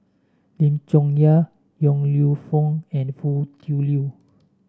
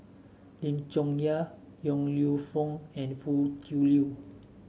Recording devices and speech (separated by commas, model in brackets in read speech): standing microphone (AKG C214), mobile phone (Samsung S8), read sentence